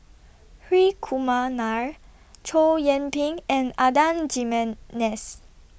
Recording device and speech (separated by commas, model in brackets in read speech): boundary microphone (BM630), read sentence